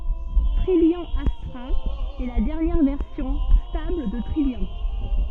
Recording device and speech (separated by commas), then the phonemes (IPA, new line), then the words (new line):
soft in-ear microphone, read sentence
tʁijjɑ̃ astʁa ɛ la dɛʁnjɛʁ vɛʁsjɔ̃ stabl də tʁijjɑ̃
Trillian Astra est la dernière version stable de Trillian.